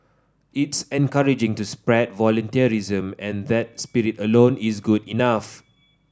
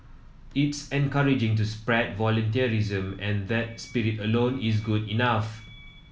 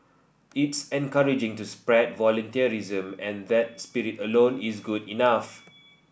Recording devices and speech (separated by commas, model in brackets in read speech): standing microphone (AKG C214), mobile phone (iPhone 7), boundary microphone (BM630), read sentence